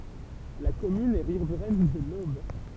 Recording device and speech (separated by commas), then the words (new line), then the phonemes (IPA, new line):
temple vibration pickup, read sentence
La commune est riveraine de l'Aube.
la kɔmyn ɛ ʁivʁɛn də lob